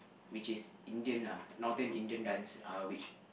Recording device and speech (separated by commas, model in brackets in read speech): boundary microphone, conversation in the same room